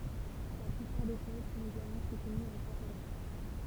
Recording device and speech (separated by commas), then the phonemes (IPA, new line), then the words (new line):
temple vibration pickup, read sentence
la plypaʁ de tɛz sɔ̃t eɡalmɑ̃ sutənyz ɑ̃ katalɑ̃
La plupart des thèses sont également soutenues en catalan.